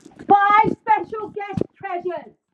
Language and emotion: English, fearful